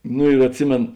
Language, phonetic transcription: Lithuanian, ˈnu ir atˈsimėn

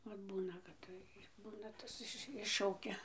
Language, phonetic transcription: Lithuanian, ˈvat ˈbūna kad ˈtai ˈbūna ˈtas iš ˈiššaukia

